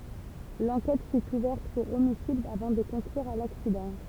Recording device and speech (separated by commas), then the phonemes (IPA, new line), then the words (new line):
temple vibration pickup, read sentence
lɑ̃kɛt fy uvɛʁt puʁ omisid avɑ̃ də kɔ̃klyʁ a laksidɑ̃
L'enquête fut ouverte pour homicide avant de conclure à l'accident.